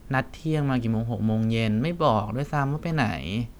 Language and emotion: Thai, frustrated